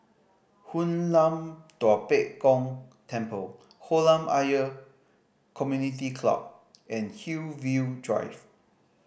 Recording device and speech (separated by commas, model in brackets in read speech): boundary microphone (BM630), read sentence